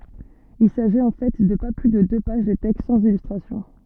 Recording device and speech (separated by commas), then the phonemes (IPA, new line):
soft in-ear microphone, read sentence
il saʒit ɑ̃ fɛ də pa ply də dø paʒ də tɛkst sɑ̃z ilystʁasjɔ̃